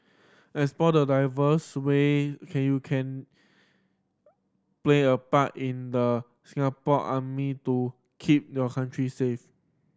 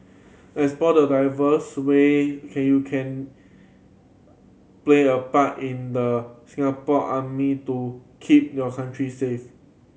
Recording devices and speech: standing microphone (AKG C214), mobile phone (Samsung C7100), read sentence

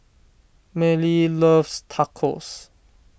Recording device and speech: boundary microphone (BM630), read sentence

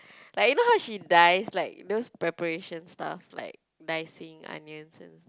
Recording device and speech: close-talking microphone, conversation in the same room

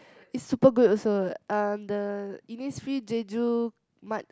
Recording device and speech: close-talking microphone, conversation in the same room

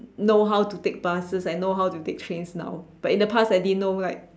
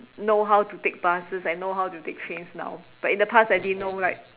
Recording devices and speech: standing microphone, telephone, conversation in separate rooms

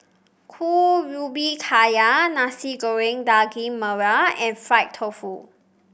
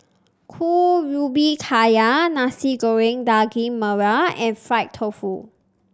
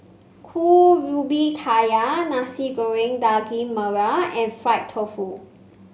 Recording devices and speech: boundary microphone (BM630), standing microphone (AKG C214), mobile phone (Samsung C5), read sentence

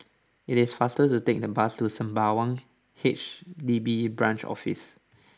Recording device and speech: standing microphone (AKG C214), read sentence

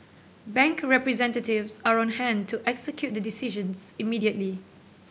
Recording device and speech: boundary microphone (BM630), read sentence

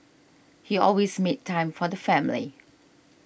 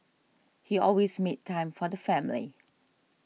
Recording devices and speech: boundary microphone (BM630), mobile phone (iPhone 6), read sentence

